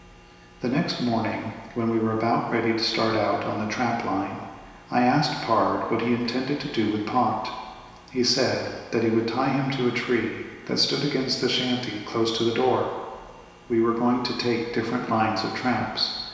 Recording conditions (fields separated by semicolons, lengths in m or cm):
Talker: one person; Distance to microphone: 1.7 m; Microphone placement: close; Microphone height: 1.0 m; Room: very reverberant, large; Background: none